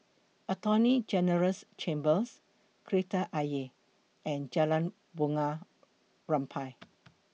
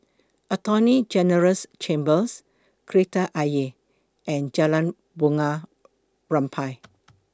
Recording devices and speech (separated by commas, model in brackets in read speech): mobile phone (iPhone 6), close-talking microphone (WH20), read sentence